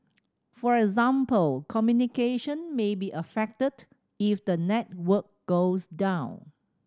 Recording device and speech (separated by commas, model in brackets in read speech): standing microphone (AKG C214), read sentence